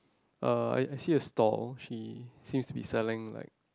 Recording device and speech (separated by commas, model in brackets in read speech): close-talking microphone, conversation in the same room